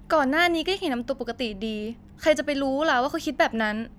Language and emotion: Thai, frustrated